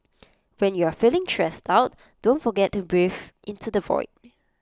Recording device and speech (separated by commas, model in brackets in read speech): close-talking microphone (WH20), read sentence